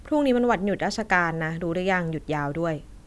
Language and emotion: Thai, neutral